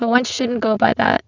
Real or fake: fake